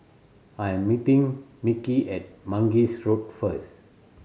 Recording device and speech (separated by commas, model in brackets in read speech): mobile phone (Samsung C7100), read sentence